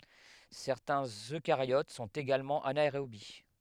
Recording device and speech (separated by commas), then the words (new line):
headset microphone, read sentence
Certains Eucaryotes sont également anaérobies.